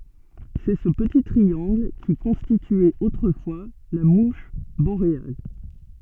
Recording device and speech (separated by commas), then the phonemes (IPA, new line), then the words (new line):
soft in-ear microphone, read sentence
sɛ sə pəti tʁiɑ̃ɡl ki kɔ̃stityɛt otʁəfwa la muʃ boʁeal
C'est ce petit triangle qui constituait autrefois la mouche boréale.